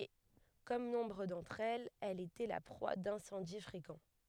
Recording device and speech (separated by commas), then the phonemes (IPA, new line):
headset microphone, read sentence
e kɔm nɔ̃bʁ dɑ̃tʁ ɛlz ɛl etɛ la pʁwa dɛ̃sɑ̃di fʁekɑ̃